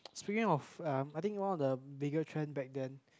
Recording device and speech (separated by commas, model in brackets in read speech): close-talking microphone, conversation in the same room